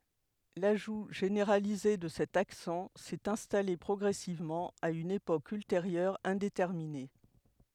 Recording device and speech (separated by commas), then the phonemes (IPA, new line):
headset microphone, read sentence
laʒu ʒeneʁalize də sɛt aksɑ̃ sɛt ɛ̃stale pʁɔɡʁɛsivmɑ̃ a yn epok ylteʁjœʁ ɛ̃detɛʁmine